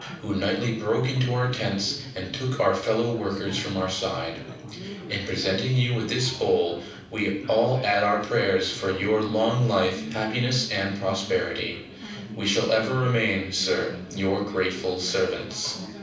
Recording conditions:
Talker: one person; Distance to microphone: 5.8 m; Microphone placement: far; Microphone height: 1.8 m; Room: medium-sized (5.7 m by 4.0 m); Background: babble

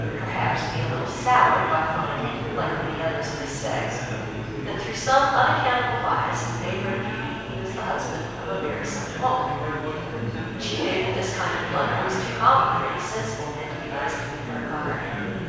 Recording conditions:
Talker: one person; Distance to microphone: 7.1 m; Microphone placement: far; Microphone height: 1.7 m; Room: very reverberant, large; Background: babble

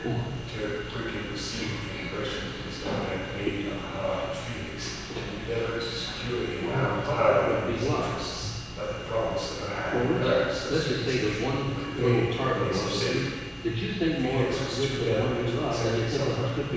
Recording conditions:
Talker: one person; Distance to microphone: 7.1 m; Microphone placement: far; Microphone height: 1.7 m; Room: very reverberant, large; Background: television

